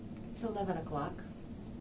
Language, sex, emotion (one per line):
English
female
neutral